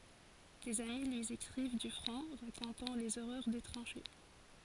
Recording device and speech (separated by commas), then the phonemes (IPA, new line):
forehead accelerometer, read sentence
dez ami lyi ekʁiv dy fʁɔ̃ ʁakɔ̃tɑ̃ lez oʁœʁ de tʁɑ̃ʃe